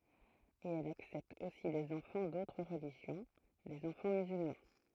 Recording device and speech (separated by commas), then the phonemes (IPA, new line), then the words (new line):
throat microphone, read sentence
e ɛlz aksɛptt osi dez ɑ̃fɑ̃ dotʁ ʁəliʒjɔ̃ dez ɑ̃fɑ̃ myzylmɑ̃
Et elles acceptent aussi des enfants d'autres religions, des enfants musulmans.